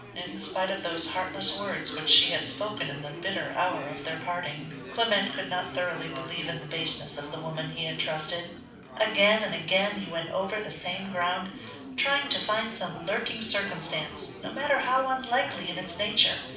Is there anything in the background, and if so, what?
Crowd babble.